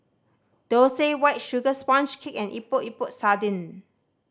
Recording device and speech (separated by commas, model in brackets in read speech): standing microphone (AKG C214), read sentence